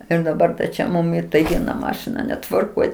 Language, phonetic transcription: Lithuanian, ir daˈbar čia ˈmum i tai ˈviena ˈmašina netvarˈkoj

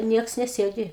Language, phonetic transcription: Lithuanian, ˈnieks neˈsėdi

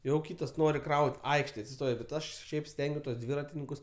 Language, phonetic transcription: Lithuanian, jau ˈkytas ˈnori ˈkraut' ˈaikštėj atsiˈstojo bet ˈaš ˈšiaip ˈstengiuos tuos ˈdvyratininkus

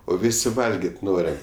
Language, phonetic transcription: Lithuanian, o ˈvisi ˈvalgėt' ˈnoriam

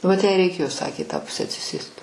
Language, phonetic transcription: Lithuanian, vat jai reiˈkėjo ˈsakė i tą ˈpuse atsiˈsėst

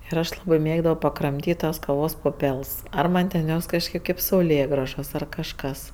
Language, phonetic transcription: Lithuanian, ir ˈaš ˈlabɜ ˈmėgdavo pakramˈtyt' tas kaˈvos puˈpels ˈar ˈman' ten ˈjos kažˈkėp ˈkaip sauˈlėgražos ar kažˈkas

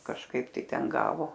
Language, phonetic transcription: Lithuanian, kažˈkaip ˈtai ˈten ˈgavo

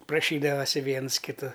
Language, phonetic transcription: Lithuanian, praˈšydavasi ˈviens kiˈtu

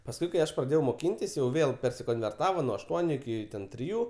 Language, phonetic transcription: Lithuanian, pasˈkui kai ˈaš praˈdėjau moˈkintis jau ˈvėl persikonverˈtava nuo ašˈtuoniu iˈki triˈjų

